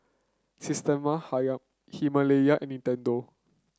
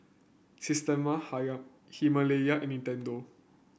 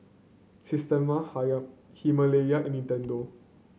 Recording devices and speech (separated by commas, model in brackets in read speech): close-talking microphone (WH30), boundary microphone (BM630), mobile phone (Samsung C9), read sentence